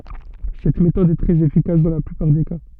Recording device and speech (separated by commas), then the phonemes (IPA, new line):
soft in-ear microphone, read sentence
sɛt metɔd ɛ tʁɛz efikas dɑ̃ la plypaʁ de ka